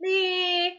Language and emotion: Thai, frustrated